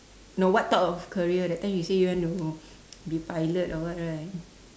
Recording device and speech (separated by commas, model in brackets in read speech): standing microphone, conversation in separate rooms